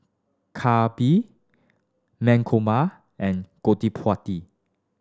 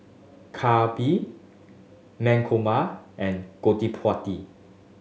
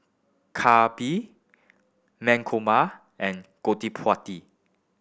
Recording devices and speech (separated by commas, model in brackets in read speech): standing microphone (AKG C214), mobile phone (Samsung S8), boundary microphone (BM630), read sentence